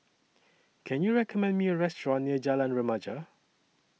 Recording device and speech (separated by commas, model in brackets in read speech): mobile phone (iPhone 6), read sentence